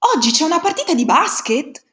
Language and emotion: Italian, surprised